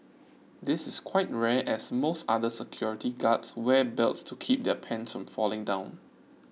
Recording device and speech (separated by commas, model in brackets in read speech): mobile phone (iPhone 6), read sentence